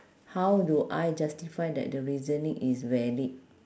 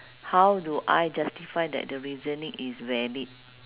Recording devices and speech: standing microphone, telephone, conversation in separate rooms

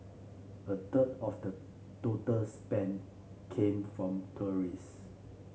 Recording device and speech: mobile phone (Samsung C7), read sentence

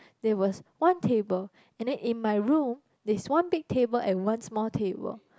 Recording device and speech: close-talking microphone, conversation in the same room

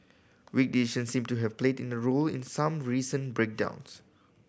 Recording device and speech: boundary microphone (BM630), read sentence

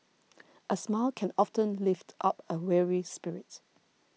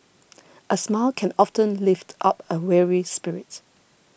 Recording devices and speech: mobile phone (iPhone 6), boundary microphone (BM630), read sentence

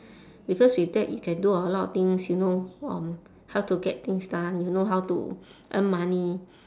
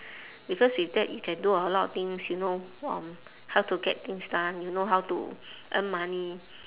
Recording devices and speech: standing microphone, telephone, conversation in separate rooms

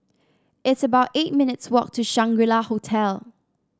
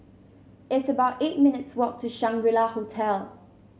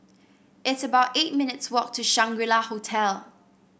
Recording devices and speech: standing microphone (AKG C214), mobile phone (Samsung C7), boundary microphone (BM630), read sentence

